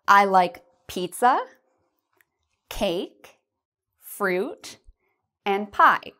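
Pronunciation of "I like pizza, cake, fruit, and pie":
The voice rises on 'pizza', 'cake' and 'fruit', and falls on 'pie'.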